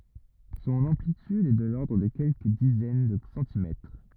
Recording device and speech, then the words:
rigid in-ear microphone, read sentence
Son amplitude est de l'ordre de quelques dizaines de centimètres.

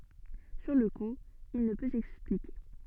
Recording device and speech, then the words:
soft in-ear microphone, read sentence
Sur le coup, il ne peut s'expliquer.

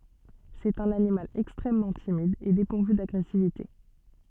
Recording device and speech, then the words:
soft in-ear microphone, read sentence
C'est un animal extrêmement timide et dépourvu d'agressivité.

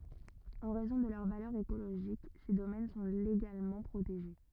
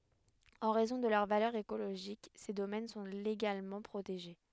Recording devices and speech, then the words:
rigid in-ear microphone, headset microphone, read sentence
En raison de leur valeur écologique, ces domaines sont légalement protégés.

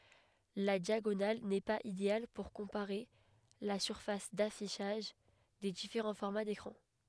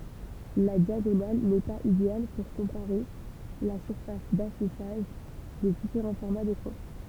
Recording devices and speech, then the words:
headset microphone, temple vibration pickup, read sentence
La diagonale n'est pas idéale pour comparer la surface d'affichage des différents formats d'écrans.

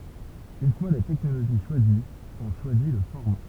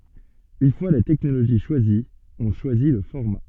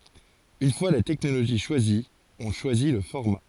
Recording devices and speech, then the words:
temple vibration pickup, soft in-ear microphone, forehead accelerometer, read sentence
Une fois la technologie choisie, on choisit le format.

